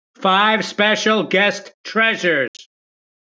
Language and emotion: English, angry